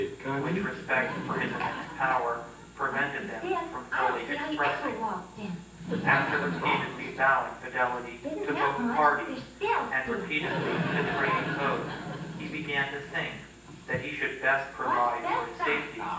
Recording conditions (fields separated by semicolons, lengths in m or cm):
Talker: one person; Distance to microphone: 9.8 m; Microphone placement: far; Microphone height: 1.8 m; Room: large; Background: television